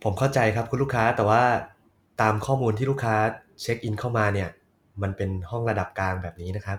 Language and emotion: Thai, neutral